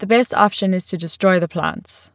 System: none